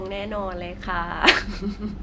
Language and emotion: Thai, happy